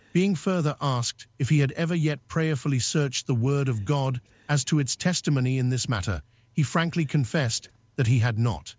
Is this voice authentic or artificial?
artificial